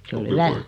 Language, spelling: Finnish, se oli hyvä
- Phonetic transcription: 'se ol 'hyvä ...

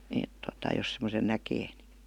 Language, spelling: Finnish, että tuota jos semmoisen näkee niin
- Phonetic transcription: 'èt tota jos semosen 'näkee ni .

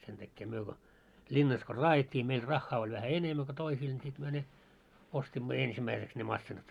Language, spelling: Finnish, sen tähden me kun linnassa kun raadettiin meillä rahaa oli vähän enemmän kuin toisilla niin sitten me ne ostimme ensimmäiseksi ne masiinat
- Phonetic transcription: 'sentäkkee myö ko , "linnas ko "raajet́t́ii meil 'raχχaa oĺ vähä "enemmä ko 'toisiil ńi sit myö ne , 'ostimmo "ensimmäiseks ne 'massinat .

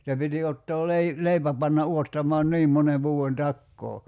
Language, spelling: Finnish, se piti ottaa - leipä panna odottamaan niin monen vuoden takaa
- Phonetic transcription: se piti 'ottoo 'lei- , "leipä panna 'uottamɔan "niim mone vuu₍en 'takkoo .

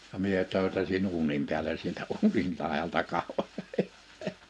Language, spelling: Finnish, ja minä töytäsin uunin päälle sieltä uunin laidalta katsoin
- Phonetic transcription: ja 'mie 'tö̀ytäsin 'uunim piäle sieltä 'uunil làeʲalta 'kahoń .

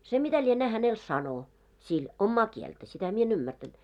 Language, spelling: Finnish, se mitä lienee hänelle sanoi sillä omaa kieltä sitä minä en ymmärtänyt
- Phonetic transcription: se mitä lienää hänel "sano , sil , 'ommaa 'kieltä , 'sitä mie en 'ymmärtänt .

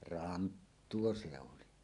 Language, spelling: Finnish, ranttua se oli
- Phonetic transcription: ranttuo se 'oli .

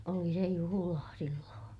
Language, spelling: Finnish, oli se juhlaa silloin
- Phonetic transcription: oli se juhulaa , silloo̰ .

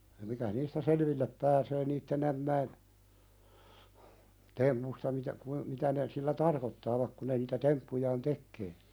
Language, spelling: Finnish, mikä niistä selville pääsee niiden ämmien tempuista mitä - mitä ne sillä tarkoittavat kun ne niitä temppujaan tekee
- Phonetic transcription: mikä 'niistä "selvillep pääsee 'niitten ‿ämmäin , "tempusta mitä , kui- , mitä ne , sillä "tarkottaavak ku ne niitä "temppujaan 'tekkee .

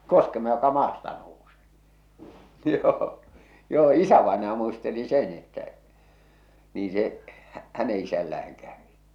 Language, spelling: Finnish, koskema joka maasta nousee joo joo isävainaja muisteli sen että niin se - hänen isällään kävi
- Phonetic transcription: koskema joka "maasta nousᴇᴇ , 'joo , joo "isävaenaja muisteli "sen ‿että , niin̬ se , hᴀ̈- 'häne isällä₍äŋ kävi .

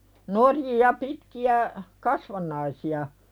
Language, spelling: Finnish, norjia pitkiä kasvannaisia
- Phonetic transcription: norjija 'pitki₍ä , "kasvan̆naisi₍a .

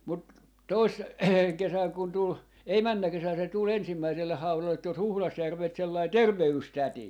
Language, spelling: Finnish, mutta - kesänä kun tuli ei menneenä kesänä se tuli ensimmäiselle haudalle tuossa Huhdasjärveltä sellainen terveystäti
- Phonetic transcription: mut , 'tois - , 'kesäŋ kun tul , ei "männä 'kesän se tul 'ensimmäiselleh 'haulallet tos 'Huhlasjärvelt sellai "terve₍yys"täti .

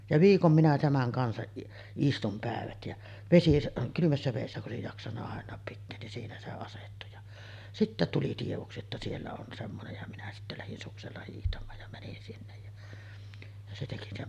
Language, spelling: Finnish, ja viikon minä tämän kanssa istuin päivät ja - kylmässä vedessä kun olisi jaksanut aina pitää niin siinä se asettui ja sitten tuli tiedoksi että siellä on semmoinen ja minä sitten lähdin suksella hiihtämään ja menin sinne ja ja se teki ne
- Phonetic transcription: ja "viikom minä 'tämäŋ kansaˀ 'ˀistum pä̀evät jä , 'vesisa- , 'kylymässä vèissä ku’ ’òesij 'jaksanna àen̆naap pitteen nin 'siinä se 'asettu ja , 'sittä tuli tievoksi että 'siellä on 'semmonej ja minä sittä lähin 'suksella hiihtam̆maaj ja mänin 'sinnej ja , ja se teki ne .

